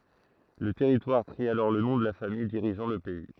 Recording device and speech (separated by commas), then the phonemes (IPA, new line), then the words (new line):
throat microphone, read sentence
lə tɛʁitwaʁ pʁi alɔʁ lə nɔ̃ də la famij diʁiʒɑ̃ lə pɛi
Le territoire prit alors le nom de la famille dirigeant le pays.